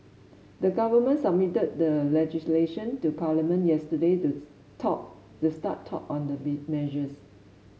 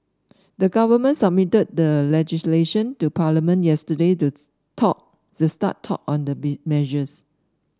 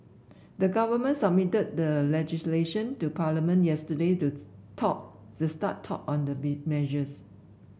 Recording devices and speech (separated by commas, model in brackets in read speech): mobile phone (Samsung S8), standing microphone (AKG C214), boundary microphone (BM630), read sentence